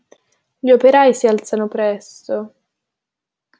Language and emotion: Italian, sad